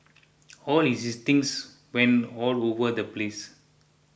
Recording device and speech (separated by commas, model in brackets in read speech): boundary microphone (BM630), read sentence